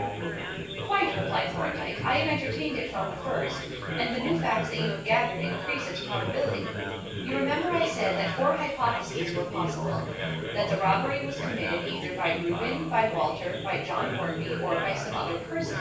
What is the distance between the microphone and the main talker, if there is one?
9.8 m.